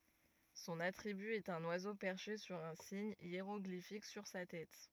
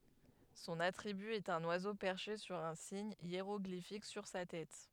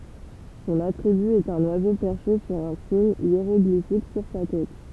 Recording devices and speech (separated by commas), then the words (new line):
rigid in-ear microphone, headset microphone, temple vibration pickup, read sentence
Son attribut est un oiseau perché sur un signe hiéroglyphique sur sa tête.